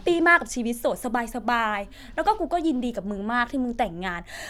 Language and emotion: Thai, happy